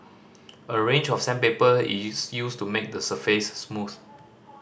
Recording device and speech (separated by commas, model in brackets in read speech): standing microphone (AKG C214), read sentence